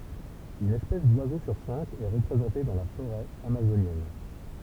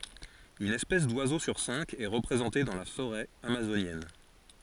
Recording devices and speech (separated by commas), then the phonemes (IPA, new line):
temple vibration pickup, forehead accelerometer, read sentence
yn ɛspɛs dwazo syʁ sɛ̃k ɛ ʁəpʁezɑ̃te dɑ̃ la foʁɛ amazonjɛn